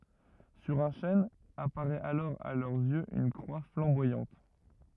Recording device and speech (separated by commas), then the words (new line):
rigid in-ear microphone, read sentence
Sur un chêne, apparaît alors à leurs yeux une croix flamboyante.